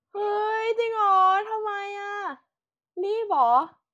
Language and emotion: Thai, happy